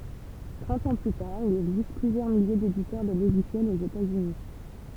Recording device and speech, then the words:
temple vibration pickup, read sentence
Trente ans plus tard il existe plusieurs milliers d'éditeurs de logiciels aux États-Unis.

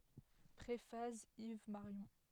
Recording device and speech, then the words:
headset microphone, read sentence
Préface Yves Marion.

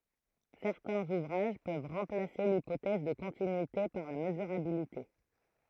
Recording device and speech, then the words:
throat microphone, read sentence
Certains ouvrages peuvent remplacer l'hypothèse de continuité par la mesurabilité.

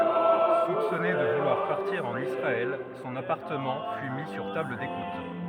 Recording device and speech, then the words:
rigid in-ear microphone, read sentence
Soupçonné de vouloir partir en Israël, son appartement fut mis sur table d’écoute.

